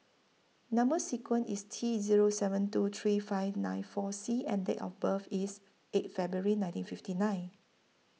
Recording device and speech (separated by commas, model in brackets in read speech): mobile phone (iPhone 6), read sentence